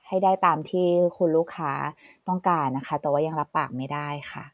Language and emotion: Thai, neutral